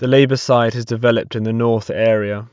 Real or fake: real